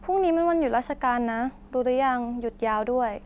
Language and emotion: Thai, neutral